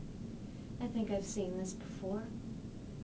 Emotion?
neutral